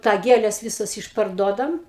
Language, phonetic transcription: Lithuanian, tą ˈgėles ˈvisas išparˈduodam

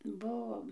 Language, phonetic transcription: Lithuanian, ˈbuvom

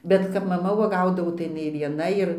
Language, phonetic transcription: Lithuanian, bet kap maˈma uoˈgaudavo tai jiˈnai vieˈna ir

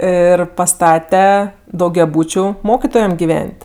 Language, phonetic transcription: Lithuanian, ˈir paˈstate daugiaˈbūčiu ˈmokitojem giˈven't'

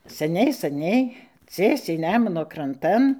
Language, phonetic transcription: Lithuanian, seˈniai saˈniai ˈciesiai ˈnemuno kranˈtan

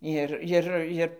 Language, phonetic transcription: Lithuanian, ˈir ˈjir ˈir

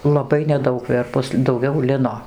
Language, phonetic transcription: Lithuanian, laˈbai neˈdaug ˈverpus dauˈgiau ˈlino

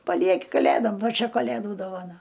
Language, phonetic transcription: Lithuanian, paˈlieki kaˈlėdom ˈva ˈčia kaˈlėdų dovaˈna

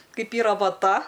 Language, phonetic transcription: Lithuanian, ˈkaip ˈyra vaˈta

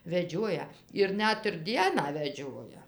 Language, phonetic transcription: Lithuanian, veˈdžiuoja ir ˈnet ir ˈdieną veˈdžioja

